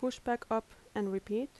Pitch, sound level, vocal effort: 225 Hz, 78 dB SPL, soft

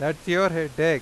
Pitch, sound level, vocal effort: 160 Hz, 96 dB SPL, loud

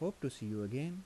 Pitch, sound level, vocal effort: 140 Hz, 81 dB SPL, soft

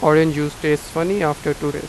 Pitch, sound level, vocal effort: 150 Hz, 91 dB SPL, normal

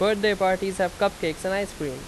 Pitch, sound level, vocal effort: 190 Hz, 90 dB SPL, very loud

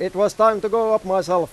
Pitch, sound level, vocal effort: 205 Hz, 100 dB SPL, loud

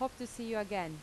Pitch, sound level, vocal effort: 215 Hz, 84 dB SPL, normal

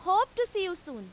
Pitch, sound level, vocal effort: 375 Hz, 98 dB SPL, very loud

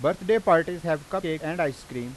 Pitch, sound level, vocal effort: 160 Hz, 94 dB SPL, loud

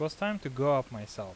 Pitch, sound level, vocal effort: 140 Hz, 87 dB SPL, normal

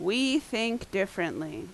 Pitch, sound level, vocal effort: 225 Hz, 84 dB SPL, very loud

